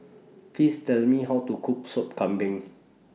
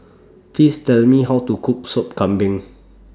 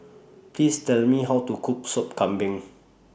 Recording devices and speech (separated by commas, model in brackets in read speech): mobile phone (iPhone 6), standing microphone (AKG C214), boundary microphone (BM630), read sentence